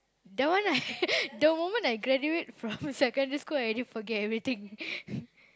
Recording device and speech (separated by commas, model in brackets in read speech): close-talking microphone, conversation in the same room